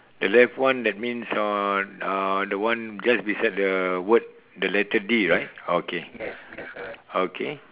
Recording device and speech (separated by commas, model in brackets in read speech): telephone, conversation in separate rooms